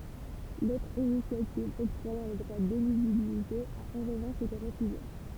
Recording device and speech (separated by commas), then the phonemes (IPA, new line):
temple vibration pickup, read sentence
lotʁ inisjativ ɔktʁwajɑ̃ lə dʁwa deliʒibilite a ɑ̃ ʁəvɑ̃ʃ ete ʁəfyze